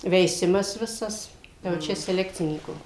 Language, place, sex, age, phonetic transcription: Lithuanian, Suvalkija, female, 60+, veiˈsimas ˈvisas jau ˈčia seˈlekcinykų

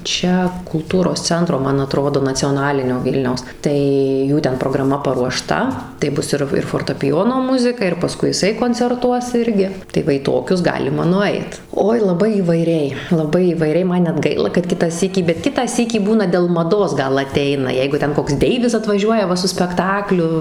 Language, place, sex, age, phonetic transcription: Lithuanian, Suvalkija, female, 18-60, ˈčia kulˈtūros ˈcentro ˈman aˈtrodo nacioˈnalinio ˈvylniaus tai ˈjų ten prograˈma paruoˈšta tai ˈbus ir ir fortapiˈjono ˈmuzika ir paˈskui jiˈsai koncerˈtuos ˈirgi tai ˈva į ˈtokius ˈgalima nuˈait ˈoi laˈbai įvaiˈriai laˈbai įvaiˈriai ˈman net ˈgaila kad ˈkitą ˈsykį bet ˈkitą ˈsykį ˈbūna dėl maˈdos ˈgal aˈteina ˈjeigu ˈten koks ˈdeivis atvaˈžiuoja ˈva su spekˈtakliu

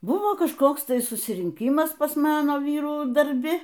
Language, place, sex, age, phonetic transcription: Lithuanian, Aukštaitija, female, 60+, ˈbuvo kažˈkoks ˈtai susirinˈkymas pas ˈmano ˈvyrų darˈbi

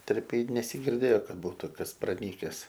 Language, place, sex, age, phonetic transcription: Lithuanian, Aukštaitija, male, 18-60, ˈterpėj nesigirˈdėjo ˈkad ˈbūtu ˈkas praˈnykes

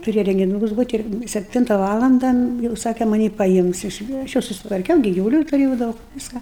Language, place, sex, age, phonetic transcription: Lithuanian, Aukštaitija, female, 60+, tuˈrėja rengiˈnūkus ˈbūt' ir sepˈtinta ˈvalanda jau ˈsake maˈnį paˈims iš aš ˈjau susitvarˈkiau gi givuˈlių tuˈrėjau ˈdaug ˈviską

